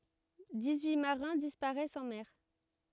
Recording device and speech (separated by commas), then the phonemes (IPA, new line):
rigid in-ear microphone, read sentence
dis yi maʁɛ̃ dispaʁɛst ɑ̃ mɛʁ